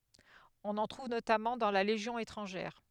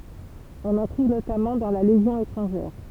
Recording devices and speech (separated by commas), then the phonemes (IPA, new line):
headset microphone, temple vibration pickup, read sentence
ɔ̃n ɑ̃ tʁuv notamɑ̃ dɑ̃ la leʒjɔ̃ etʁɑ̃ʒɛʁ